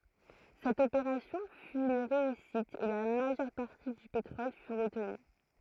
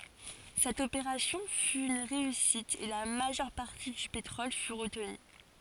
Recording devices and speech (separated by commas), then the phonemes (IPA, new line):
throat microphone, forehead accelerometer, read sentence
sɛt opeʁasjɔ̃ fy yn ʁeysit e la maʒœʁ paʁti dy petʁɔl fy ʁətny